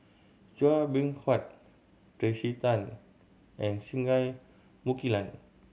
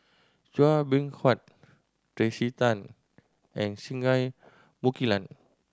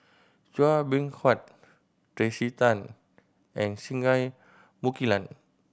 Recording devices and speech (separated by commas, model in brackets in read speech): mobile phone (Samsung C7100), standing microphone (AKG C214), boundary microphone (BM630), read sentence